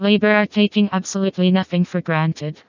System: TTS, vocoder